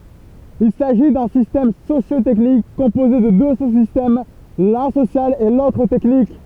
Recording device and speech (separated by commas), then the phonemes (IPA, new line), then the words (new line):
temple vibration pickup, read sentence
il saʒi dœ̃ sistɛm sosjo tɛknik kɔ̃poze də dø su sistɛm lœ̃ sosjal e lotʁ tɛknik
Il s'agit d'un système socio-technique composé de deux sous-systèmes, l'un social et l'autre technique.